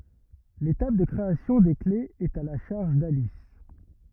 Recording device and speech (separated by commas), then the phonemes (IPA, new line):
rigid in-ear microphone, read sentence
letap də kʁeasjɔ̃ de klez ɛt a la ʃaʁʒ dalis